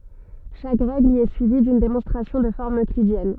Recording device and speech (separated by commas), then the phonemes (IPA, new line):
soft in-ear microphone, read sentence
ʃak ʁɛɡl i ɛ syivi dyn demɔ̃stʁasjɔ̃ də fɔʁm øklidjɛn